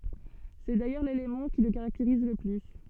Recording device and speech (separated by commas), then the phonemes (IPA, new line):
soft in-ear microphone, read sentence
sɛ dajœʁ lelemɑ̃ ki lə kaʁakteʁiz lə ply